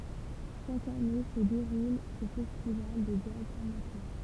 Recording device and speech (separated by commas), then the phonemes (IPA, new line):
temple vibration pickup, read sentence
ʃak ane sə deʁul sə fɛstival də dʒaz amatœʁ